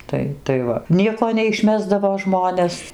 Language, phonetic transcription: Lithuanian, ˈtai tai ˈva ˈnieko neišˈmesdavo ˈžmones

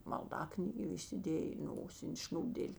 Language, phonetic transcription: Lithuanian, malˈdaknygė įsiˈdėjė i ˈnosin' ˈšn'ūbdėl'

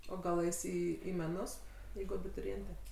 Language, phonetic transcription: Lithuanian, o ˈgal ˈeis ˈį į meˈnus ˈjeigu abituriˈėnte

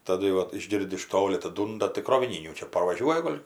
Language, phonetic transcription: Lithuanian, taˈdu jau ˈvat išˈgirdi iš ˈtoli ataˈdūnda tai kroviˈnynių ˈčia parvaˈžiuoja ˈgol'

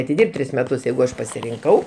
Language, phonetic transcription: Lithuanian, atiˈdirb't' ˈtris meˈtus ˈjeigu ˈaš pasirinˈkau

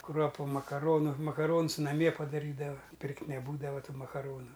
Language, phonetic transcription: Lithuanian, ˈkruopu makaˈronu makaˈrons naˈmie padaˈrydava ˈpirkt' neˈbūdava ˈtų makaˈronu

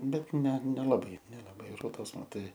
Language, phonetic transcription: Lithuanian, ˈbet ˈne nelaˈbai nelaˈbai ˈrodos maˈtai

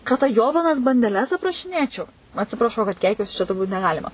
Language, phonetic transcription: Lithuanian, ka ˈta (ˈjobanas) bandeˈles aprašiˈnėčiau atsipraˈšau kad ˈkeikiuosi čia turˈbūt neˈgalima

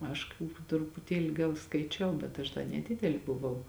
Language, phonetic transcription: Lithuanian, ˈaš ka trupuˈtieli ˈgal skaiˈčiau bet ˈaš da neˈdideli buˈvau

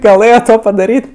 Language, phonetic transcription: Lithuanian, gaˈlɘjo ˈto padaˈryt'

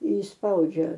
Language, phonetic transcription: Lithuanian, išsˈpaudžia

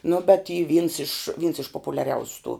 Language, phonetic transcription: Lithuanian, nu bet y vyns iš vyns iš populiaˈriausiu tų

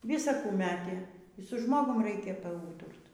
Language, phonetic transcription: Lithuanian, ˈvisa ˈkų ˈmetė y su ˈžmogum ˈreikia paˈūturt

